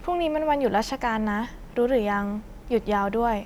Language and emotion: Thai, neutral